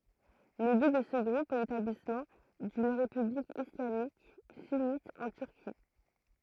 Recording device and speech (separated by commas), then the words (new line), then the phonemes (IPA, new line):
throat microphone, read sentence
Le but de ce groupe est l'établissement d'une république islamique sunnite en Turquie.
lə byt də sə ɡʁup ɛ letablismɑ̃ dyn ʁepyblik islamik synit ɑ̃ tyʁki